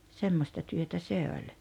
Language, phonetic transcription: Finnish, 'semmosta työtä 'se oĺ .
- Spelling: semmoista työtä se oli

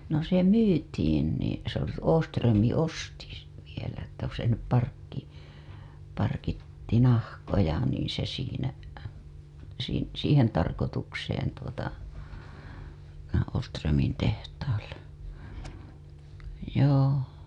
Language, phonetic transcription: Finnish, no se "myytiin nì (se ‿oli) 'Ooström̆mi 'osti (sen vielä ‿ttä se sinnep) parkki- , parkitti nahkoja niiḭ se siinä , siin- , 'siihen tarkotukseen tuota , Ooströmin tehtaalle , joo .
- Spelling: no se myytiin niin se oli Åström osti sen vielä että se sinne - parkitsi nahkoja niin se siinä - siihen tarkoitukseen tuota Åströmin tehtaalle joo

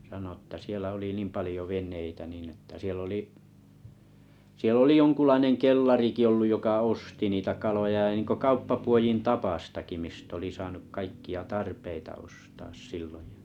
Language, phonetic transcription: Finnish, sano ‿tta 'sielᵃ̈ oli 'niim 'palⁱjo "ven̆neitä 'niin ‿että 'siell ‿oli’ 'siell ‿oli "joŋkullaineŋ "kellariki olluj 'joka "osti niitä kaloja ja (n)iŋko 'kauppapuojin "tapastaki 'mist ‿oli 'saanuk 'kaikki₍a "tarpeita ostaas 'silloj (ᴊᴀ) .
- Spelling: sanoi jotta siellä oli niin paljon veneitä niin että siellä oli siellä oli jonkunlainen kellarikin ollut joka osti niitä kaloja ja niin kuin kauppapuodin tapaistakin mistä oli saanut kaikkia tarpeita ostaa silloin ja

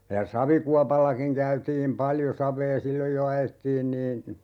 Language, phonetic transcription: Finnish, ja "savikuapallakiŋ 'käytiim 'paljo 'sav̀ee "silloj jo 'ajettiin niin̬ , .
- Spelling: ja savikuopallakin käytiin paljon savea silloin jo ajettiin niin

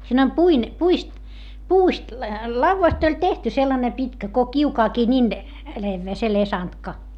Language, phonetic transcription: Finnish, siin ‿om puin- , puist , puust , lauvvast ‿oĺ tehty sellane pitkä ko kiukaakii nin , levvee se lesantka .
- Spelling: siinä on - puista puusta laudasta oli tehty sellainen pitkä kuin kiukaankin niin leveä se lesantka

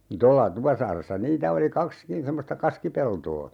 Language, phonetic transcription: Finnish, 'tolla , 'Tupasaaressa "niitä oli 'kakskin 'semmosta "kaskipeltoo .
- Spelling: tuolla Tupasaaressa niitä oli kaksikin semmoista kaskipeltoa

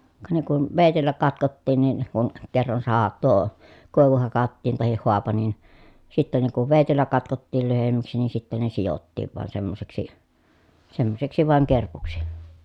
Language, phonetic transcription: Finnish, ka ne kun , vèitellä katkottiin nin , kun , kerran saha- tuo , kòi̮vu hakattiin tahih hoapa nin , sittä ne kuv vèitellä katkottiil lyhemmäksi nii sitten ne sijottiiv van semmoseksi , semmoseksi vàeŋ kerpuksi .
- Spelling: ka ne kun veitsellä katkottiin niin kun kerran - tuo koivu hakattiin tai haapa niin sitten ne kun veitsellä katkottiin lyhyemmäksi niin sitten ne sidottiin vain semmoiseksi semmoiseksi vain kerpuksi

